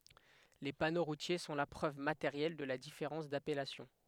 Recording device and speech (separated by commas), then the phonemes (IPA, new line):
headset microphone, read sentence
le pano ʁutje sɔ̃ la pʁøv mateʁjɛl də la difeʁɑ̃s dapɛlasjɔ̃